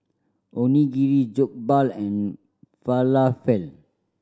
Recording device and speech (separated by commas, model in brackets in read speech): standing microphone (AKG C214), read sentence